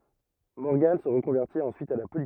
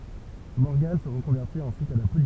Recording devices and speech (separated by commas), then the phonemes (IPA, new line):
rigid in-ear microphone, temple vibration pickup, read sentence
mɔʁɡɑ̃ sə ʁəkɔ̃vɛʁtit ɑ̃syit a la politik